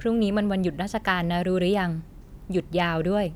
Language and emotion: Thai, neutral